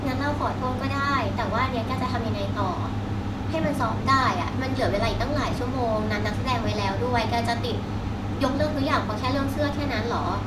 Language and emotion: Thai, frustrated